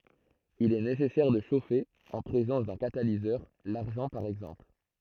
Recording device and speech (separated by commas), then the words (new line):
throat microphone, read sentence
Il est nécessaire de chauffer en présence d'un catalyseur, l'argent par exemple.